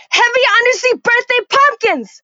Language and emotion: English, disgusted